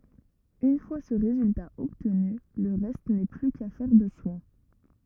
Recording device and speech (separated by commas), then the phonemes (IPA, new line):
rigid in-ear microphone, read sentence
yn fwa sə ʁezylta ɔbtny lə ʁɛst nɛ ply kafɛʁ də swɛ̃